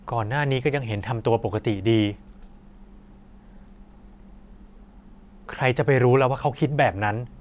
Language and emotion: Thai, frustrated